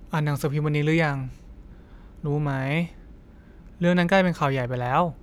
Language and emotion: Thai, frustrated